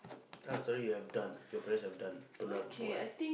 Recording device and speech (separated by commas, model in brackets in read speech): boundary microphone, conversation in the same room